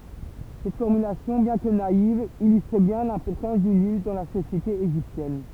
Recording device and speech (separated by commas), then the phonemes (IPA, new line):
temple vibration pickup, read sentence
sɛt fɔʁmylasjɔ̃ bjɛ̃ kə naiv ilystʁ bjɛ̃ lɛ̃pɔʁtɑ̃s dy nil dɑ̃ la sosjete eʒiptjɛn